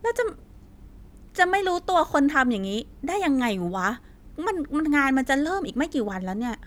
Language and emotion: Thai, frustrated